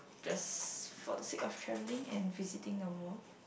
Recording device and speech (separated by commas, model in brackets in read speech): boundary microphone, conversation in the same room